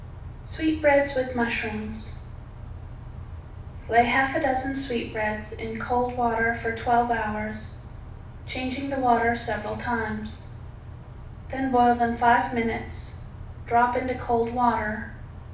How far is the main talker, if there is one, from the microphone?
5.8 m.